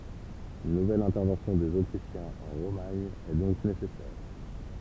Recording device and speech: temple vibration pickup, read sentence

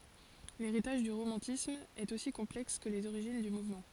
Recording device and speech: forehead accelerometer, read sentence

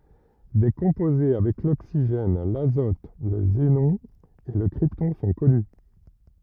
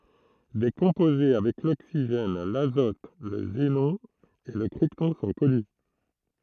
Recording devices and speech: rigid in-ear microphone, throat microphone, read sentence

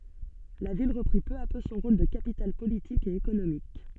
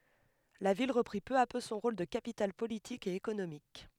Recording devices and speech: soft in-ear microphone, headset microphone, read sentence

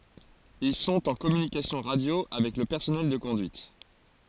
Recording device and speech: forehead accelerometer, read sentence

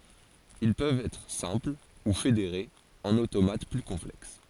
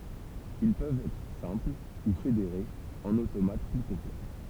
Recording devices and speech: forehead accelerometer, temple vibration pickup, read sentence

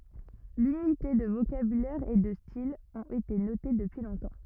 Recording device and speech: rigid in-ear microphone, read sentence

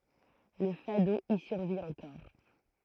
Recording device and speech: throat microphone, read sentence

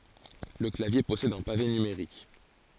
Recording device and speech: forehead accelerometer, read sentence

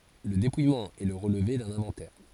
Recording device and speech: forehead accelerometer, read sentence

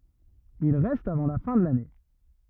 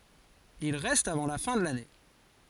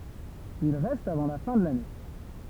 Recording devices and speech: rigid in-ear microphone, forehead accelerometer, temple vibration pickup, read sentence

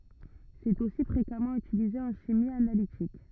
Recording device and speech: rigid in-ear microphone, read sentence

